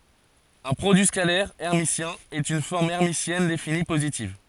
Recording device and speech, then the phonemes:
forehead accelerometer, read sentence
œ̃ pʁodyi skalɛʁ ɛʁmisjɛ̃ ɛt yn fɔʁm ɛʁmisjɛn defini pozitiv

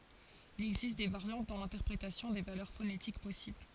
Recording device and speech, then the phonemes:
forehead accelerometer, read sentence
il ɛɡzist de vaʁjɑ̃t dɑ̃ lɛ̃tɛʁpʁetasjɔ̃ de valœʁ fonetik pɔsibl

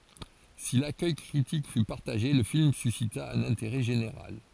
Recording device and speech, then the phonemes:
forehead accelerometer, read sentence
si lakœj kʁitik fy paʁtaʒe lə film sysita œ̃n ɛ̃teʁɛ ʒeneʁal

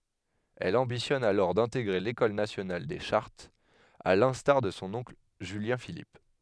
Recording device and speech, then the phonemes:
headset microphone, read sentence
ɛl ɑ̃bitjɔn alɔʁ dɛ̃teɡʁe lekɔl nasjonal de ʃaʁtz a lɛ̃staʁ də sɔ̃ ɔ̃kl ʒyljɛ̃filip

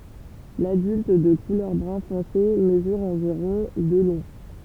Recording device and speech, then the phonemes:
temple vibration pickup, read sentence
ladylt də kulœʁ bʁœ̃ fɔ̃se məzyʁ ɑ̃viʁɔ̃ də lɔ̃

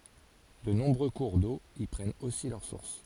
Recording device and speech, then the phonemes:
forehead accelerometer, read sentence
də nɔ̃bʁø kuʁ do i pʁɛnt osi lœʁ suʁs

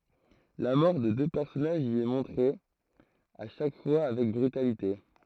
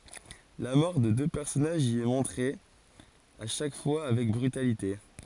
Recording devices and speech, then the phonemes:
throat microphone, forehead accelerometer, read sentence
la mɔʁ də dø pɛʁsɔnaʒz i ɛ mɔ̃tʁe a ʃak fwa avɛk bʁytalite

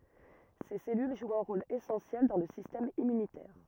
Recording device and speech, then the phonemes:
rigid in-ear microphone, read sentence
se sɛlyl ʒwt œ̃ ʁol esɑ̃sjɛl dɑ̃ lə sistɛm immynitɛʁ

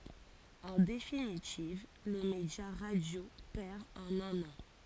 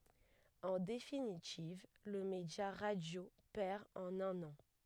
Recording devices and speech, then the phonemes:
forehead accelerometer, headset microphone, read sentence
ɑ̃ definitiv lə medja ʁadjo pɛʁ ɑ̃n œ̃n ɑ̃

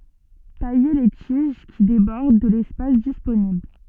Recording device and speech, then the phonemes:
soft in-ear microphone, read sentence
taje le tiʒ ki debɔʁd də lɛspas disponibl

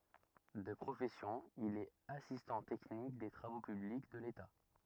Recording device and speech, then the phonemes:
rigid in-ear microphone, read sentence
də pʁofɛsjɔ̃ il ɛt asistɑ̃ tɛknik de tʁavo pyblik də leta

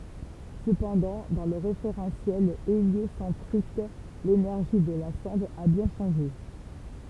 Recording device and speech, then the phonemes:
temple vibration pickup, read sentence
səpɑ̃dɑ̃ dɑ̃ lə ʁefeʁɑ̃sjɛl eljosɑ̃tʁik lenɛʁʒi də la sɔ̃d a bjɛ̃ ʃɑ̃ʒe

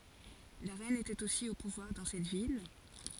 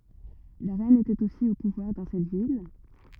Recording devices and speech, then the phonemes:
forehead accelerometer, rigid in-ear microphone, read sentence
la ʁɛn etɛt osi o puvwaʁ dɑ̃ sɛt vil

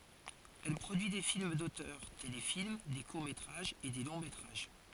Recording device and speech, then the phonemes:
forehead accelerometer, read sentence
ɛl pʁodyi de film dotœʁ telefilm de kuʁ metʁaʒz e de lɔ̃ metʁaʒ

